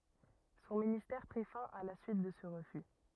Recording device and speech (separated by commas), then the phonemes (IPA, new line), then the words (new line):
rigid in-ear microphone, read sentence
sɔ̃ ministɛʁ pʁi fɛ̃ a la syit də sə ʁəfy
Son ministère prit fin à la suite de ce refus.